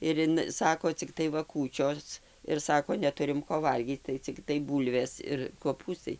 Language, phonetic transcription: Lithuanian, ir ˈin ˈsako cikˈtai ˈva ˈkūčios ir ˈsako neˈturim ˈko ˈvalgyc tai cikˈtai ˈbūlvės ir koˈpūstai

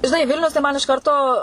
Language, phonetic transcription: Lithuanian, žiˈnai ˈvilnius tai ˈman iš ˈkarto

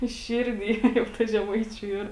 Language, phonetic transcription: Lithuanian, ˈširˌdy jau ˈta žeˈmaičiu ˈyr

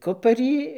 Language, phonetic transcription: Lithuanian, ˈkuparį

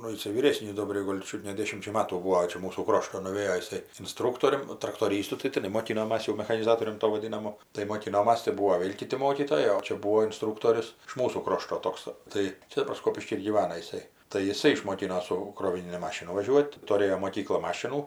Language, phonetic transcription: Lithuanian, ˈnu jiˈsai vyˈrėsnys ˈdobriai ˈgol' ˈčiut ne ˈdėšimčia ˈmatų ˈbūo ˈčia ˈmūsų ˈkrošto nuˈvėjo jiˈsai inˈstrūktorium ˈnu traktoˈrystu tai tiˈnai moˈkinomas jau mechaniˈzatorium ˈto vaˈdinamu tai moˈkinomas tai ˈbuo ˈvėl' ˈkiti ˈmokytojai o ˈčia ˈbūo inˈstrūktorius iš ˈmūsų ˈkrošto ˈtoks ˈtai ˈčia daˈbar ˈskopišky ir gyˈvana jiˈsai tai jiˈsai išmoˈkino ˈsu kroviˈnini ˈmašinu vaˈžiuot' tuˈrėjo moˈkykla ˈmašinų

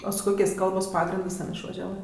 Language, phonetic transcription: Lithuanian, o su ˈkokės' ˈkalbos ˈpagrindɜs ˈten išvažiaˈvɜ

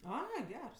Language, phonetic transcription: Lithuanian, ˈai ˈgers

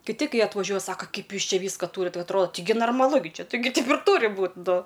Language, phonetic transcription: Lithuanian, kiˈti ˈkai atvaˈžiuoj ˈsaka ˈkaip ˈjūs ˈčia ˈvyska ˈtūrit ˈva atˈroda ˈtigi narmaˈlu gi ˈči ˈtigi taip ir ˈtūri ˈbūt ˈnu

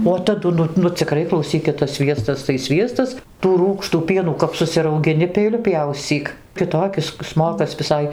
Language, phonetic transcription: Lithuanian, o taˈdu ˈnu nu ciˈkrai klauˈsykit tas ˈsviestas tai ˈsviestas tų ˈrūgštų ˈpienų kap susiraugiˈni peiˈliu ˈpjauscyk kiˈtokis ˈsmokas viˈsai

